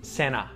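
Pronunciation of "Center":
In 'center', the t after the n is muted.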